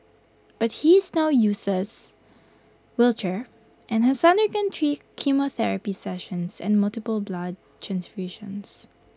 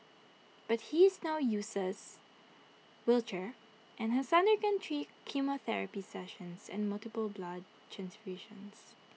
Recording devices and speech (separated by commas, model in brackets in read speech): close-talking microphone (WH20), mobile phone (iPhone 6), read sentence